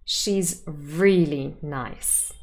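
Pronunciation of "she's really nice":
In 'she's really nice', the word 'really' carries emphatic stress.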